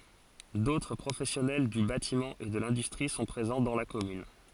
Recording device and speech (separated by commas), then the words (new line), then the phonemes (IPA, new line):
forehead accelerometer, read sentence
D'autres professionnels du bâtiment et de l'industrie sont présents dans la commune.
dotʁ pʁofɛsjɔnɛl dy batimɑ̃ e də lɛ̃dystʁi sɔ̃ pʁezɑ̃ dɑ̃ la kɔmyn